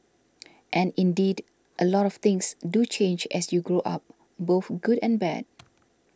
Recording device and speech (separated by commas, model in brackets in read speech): standing microphone (AKG C214), read sentence